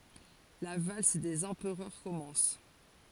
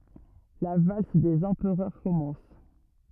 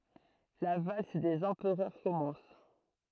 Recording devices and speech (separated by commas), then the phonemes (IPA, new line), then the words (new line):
forehead accelerometer, rigid in-ear microphone, throat microphone, read sentence
la vals dez ɑ̃pʁœʁ kɔmɑ̃s
La valse des empereurs commence.